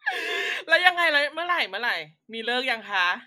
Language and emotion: Thai, happy